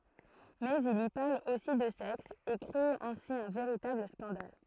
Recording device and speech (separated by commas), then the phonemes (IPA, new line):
throat microphone, read sentence
mɛz il i paʁl osi də sɛks e kʁe ɛ̃si œ̃ veʁitabl skɑ̃dal